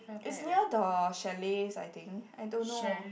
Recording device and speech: boundary microphone, conversation in the same room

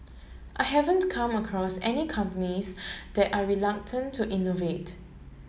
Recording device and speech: mobile phone (Samsung S8), read sentence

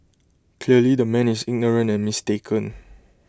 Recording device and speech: close-talking microphone (WH20), read sentence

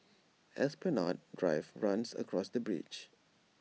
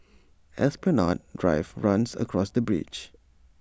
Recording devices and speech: mobile phone (iPhone 6), standing microphone (AKG C214), read sentence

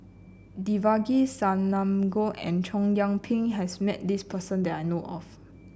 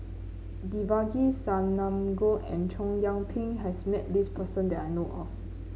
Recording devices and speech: boundary microphone (BM630), mobile phone (Samsung C9), read sentence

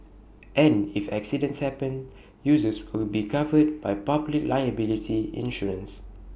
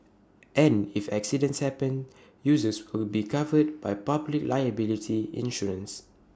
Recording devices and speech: boundary microphone (BM630), standing microphone (AKG C214), read sentence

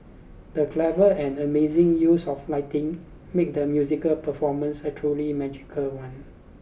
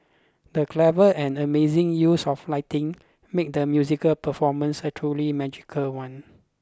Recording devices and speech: boundary microphone (BM630), close-talking microphone (WH20), read sentence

